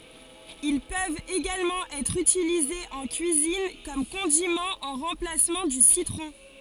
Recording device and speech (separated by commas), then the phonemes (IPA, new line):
forehead accelerometer, read sentence
il pøvt eɡalmɑ̃ ɛtʁ ytilizez ɑ̃ kyizin u kɔm kɔ̃dimɑ̃ ɑ̃ ʁɑ̃plasmɑ̃ dy sitʁɔ̃